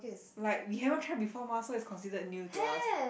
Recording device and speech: boundary microphone, conversation in the same room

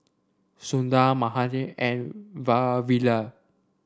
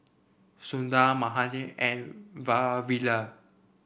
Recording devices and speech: standing microphone (AKG C214), boundary microphone (BM630), read sentence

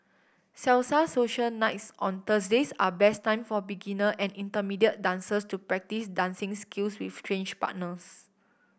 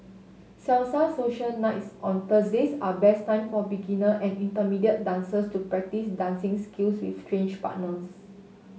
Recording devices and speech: boundary microphone (BM630), mobile phone (Samsung S8), read sentence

